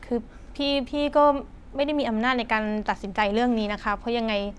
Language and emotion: Thai, frustrated